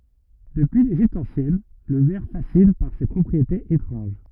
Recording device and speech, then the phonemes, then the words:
rigid in-ear microphone, read sentence
dəpyi leʒipt ɑ̃sjɛn lə vɛʁ fasin paʁ se pʁɔpʁietez etʁɑ̃ʒ
Depuis l’Égypte ancienne, le verre fascine par ses propriétés étranges.

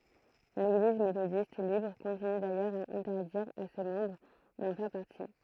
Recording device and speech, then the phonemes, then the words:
throat microphone, read sentence
leɡliz metodist libʁ kɔ̃tiny dajœʁz a ɛ̃tɛʁdiʁ a se mɑ̃bʁ dɑ̃ fɛʁ paʁti
L'Église méthodiste libre continue d'ailleurs à interdire à ses membres d'en faire partie.

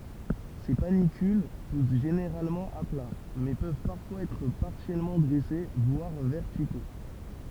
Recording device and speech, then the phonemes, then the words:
temple vibration pickup, read sentence
se panikyl pus ʒeneʁalmɑ̃ a pla mɛ pøv paʁfwaz ɛtʁ paʁsjɛlmɑ̃ dʁɛse vwaʁ vɛʁtiko
Ces panicules poussent généralement à plat, mais peuvent parfois être partiellement dressés, voire verticaux.

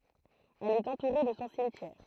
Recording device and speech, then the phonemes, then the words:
throat microphone, read sentence
ɛl ɛt ɑ̃tuʁe də sɔ̃ simtjɛʁ
Elle est entourée de son cimetière.

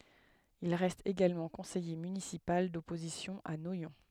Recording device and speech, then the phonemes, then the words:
headset microphone, read sentence
il ʁɛst eɡalmɑ̃ kɔ̃sɛje mynisipal dɔpozisjɔ̃ a nwajɔ̃
Il reste également conseiller municipal d'opposition à Noyon.

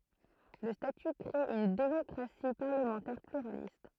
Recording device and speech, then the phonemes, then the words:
throat microphone, read sentence
lə staty kʁe yn demɔkʁasi paʁləmɑ̃tɛʁ plyʁalist
Le statut crée une démocratie parlementaire pluraliste.

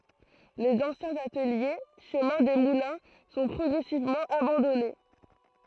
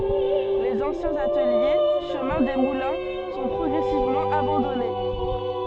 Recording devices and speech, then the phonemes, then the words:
throat microphone, soft in-ear microphone, read sentence
lez ɑ̃sjɛ̃z atəlje ʃəmɛ̃ de mulɛ̃ sɔ̃ pʁɔɡʁɛsivmɑ̃ abɑ̃dɔne
Les anciens ateliers, chemin des Moulins, sont progressivement abandonnés.

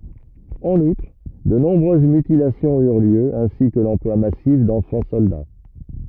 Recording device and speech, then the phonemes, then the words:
rigid in-ear microphone, read sentence
ɑ̃n utʁ də nɔ̃bʁøz mytilasjɔ̃z yʁ ljø ɛ̃si kə lɑ̃plwa masif dɑ̃fɑ̃ sɔlda
En outre, de nombreuses mutilations eurent lieu, ainsi que l'emploi massif d'enfants soldats.

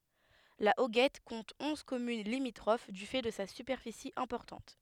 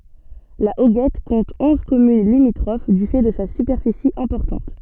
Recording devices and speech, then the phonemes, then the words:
headset microphone, soft in-ear microphone, read sentence
la oɡɛt kɔ̃t ɔ̃z kɔmyn limitʁof dy fɛ də sa sypɛʁfisi ɛ̃pɔʁtɑ̃t
La Hoguette compte onze communes limitrophes du fait de sa superficie importante.

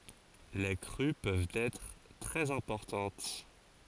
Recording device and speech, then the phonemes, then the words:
forehead accelerometer, read sentence
le kʁy pøvt ɛtʁ tʁɛz ɛ̃pɔʁtɑ̃t
Les crues peuvent être très importantes.

